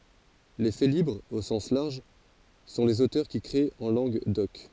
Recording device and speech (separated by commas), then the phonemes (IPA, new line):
forehead accelerometer, read sentence
le felibʁz o sɑ̃s laʁʒ sɔ̃ lez otœʁ ki kʁet ɑ̃ lɑ̃ɡ dɔk